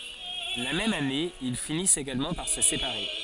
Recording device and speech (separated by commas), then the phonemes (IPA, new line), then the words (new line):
forehead accelerometer, read sentence
la mɛm ane il finist eɡalmɑ̃ paʁ sə sepaʁe
La même année, ils finissent également par se séparer.